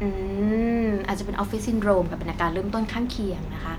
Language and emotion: Thai, neutral